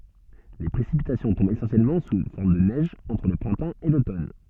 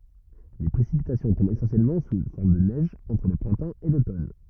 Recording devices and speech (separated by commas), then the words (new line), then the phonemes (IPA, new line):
soft in-ear microphone, rigid in-ear microphone, read sentence
Les précipitations tombent essentiellement sous forme de neige entre le printemps et l'automne.
le pʁesipitasjɔ̃ tɔ̃bt esɑ̃sjɛlmɑ̃ su fɔʁm də nɛʒ ɑ̃tʁ lə pʁɛ̃tɑ̃ e lotɔn